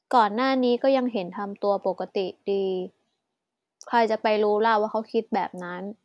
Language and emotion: Thai, frustrated